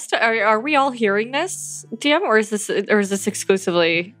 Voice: steady, clear voice